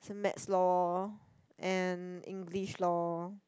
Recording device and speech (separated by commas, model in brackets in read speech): close-talking microphone, conversation in the same room